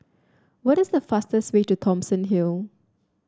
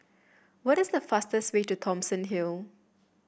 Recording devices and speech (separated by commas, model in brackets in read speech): standing microphone (AKG C214), boundary microphone (BM630), read sentence